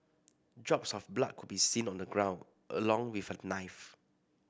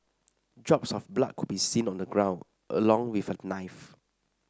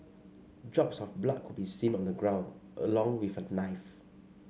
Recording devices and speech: boundary microphone (BM630), standing microphone (AKG C214), mobile phone (Samsung C5), read sentence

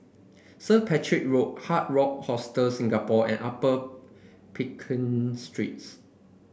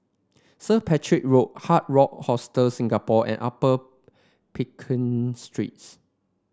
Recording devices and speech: boundary microphone (BM630), standing microphone (AKG C214), read sentence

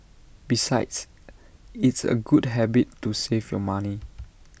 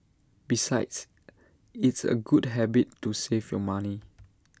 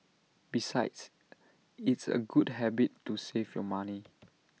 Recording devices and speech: boundary microphone (BM630), standing microphone (AKG C214), mobile phone (iPhone 6), read sentence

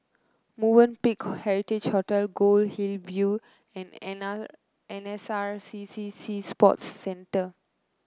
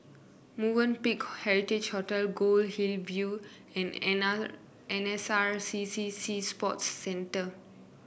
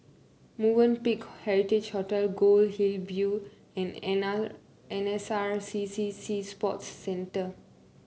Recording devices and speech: close-talking microphone (WH30), boundary microphone (BM630), mobile phone (Samsung C9), read sentence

